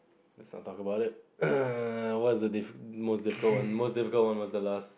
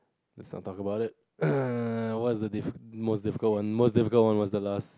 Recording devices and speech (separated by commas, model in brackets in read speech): boundary microphone, close-talking microphone, conversation in the same room